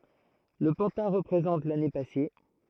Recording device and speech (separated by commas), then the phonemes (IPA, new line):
throat microphone, read sentence
lə pɑ̃tɛ̃ ʁəpʁezɑ̃t lane pase